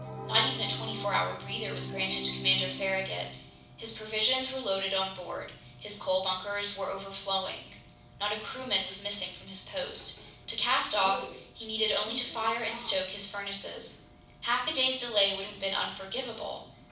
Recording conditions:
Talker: one person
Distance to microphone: 5.8 m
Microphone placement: far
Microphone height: 1.8 m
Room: medium-sized (5.7 m by 4.0 m)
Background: television

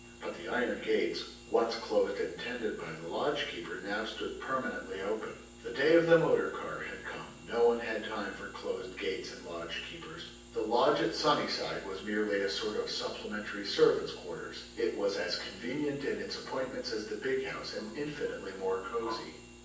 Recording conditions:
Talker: one person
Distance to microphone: 9.8 m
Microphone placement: far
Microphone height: 1.8 m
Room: large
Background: none

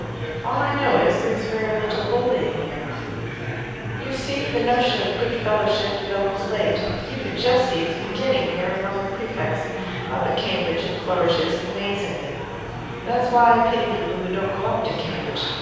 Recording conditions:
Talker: one person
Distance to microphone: 7.1 m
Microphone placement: far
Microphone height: 1.7 m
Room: very reverberant, large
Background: babble

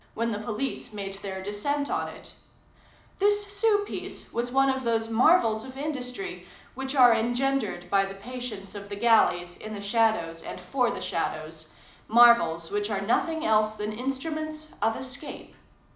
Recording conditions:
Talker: one person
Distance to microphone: 2.0 m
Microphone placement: close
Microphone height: 99 cm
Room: medium-sized (5.7 m by 4.0 m)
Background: none

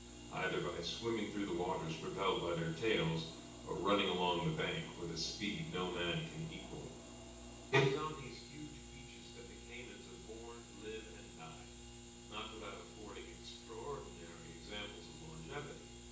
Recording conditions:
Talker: one person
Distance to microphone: 9.8 m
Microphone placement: far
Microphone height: 1.8 m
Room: large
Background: none

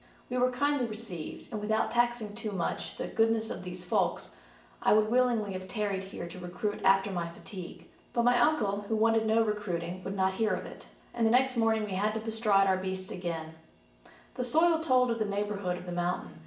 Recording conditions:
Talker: one person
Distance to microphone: 1.8 m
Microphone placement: close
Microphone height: 1.0 m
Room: large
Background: none

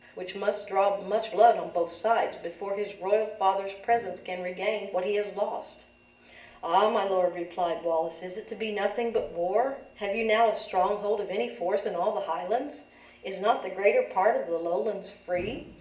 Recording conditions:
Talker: one person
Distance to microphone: 1.8 m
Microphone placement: close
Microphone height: 1.0 m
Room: large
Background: none

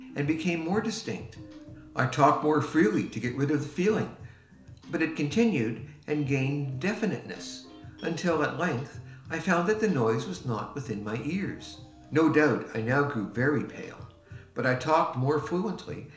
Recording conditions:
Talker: one person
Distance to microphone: 1.0 m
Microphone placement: close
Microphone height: 1.1 m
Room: small (3.7 m by 2.7 m)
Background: music

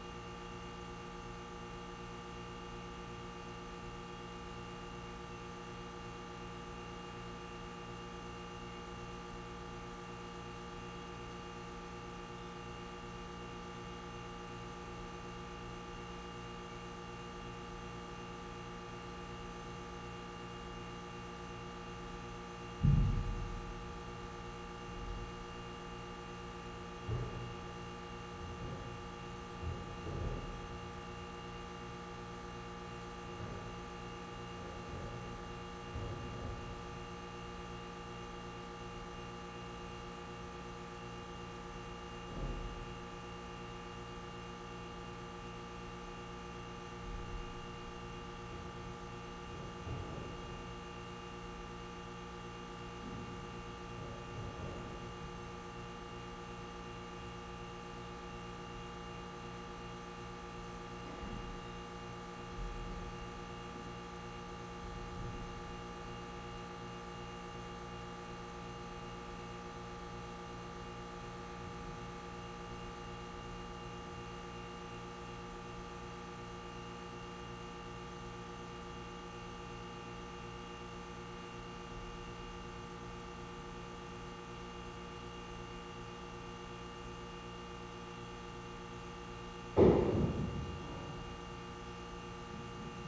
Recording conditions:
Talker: no one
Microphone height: 1.0 m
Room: very reverberant, large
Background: none

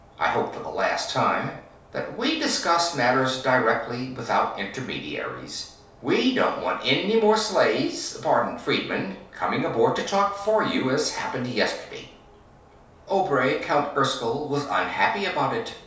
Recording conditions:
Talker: one person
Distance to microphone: 3.0 m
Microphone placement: far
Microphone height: 1.8 m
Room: small (3.7 m by 2.7 m)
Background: none

